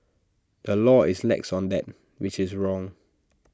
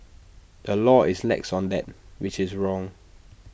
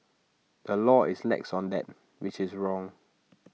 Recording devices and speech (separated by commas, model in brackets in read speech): standing microphone (AKG C214), boundary microphone (BM630), mobile phone (iPhone 6), read sentence